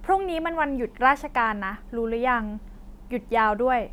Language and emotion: Thai, neutral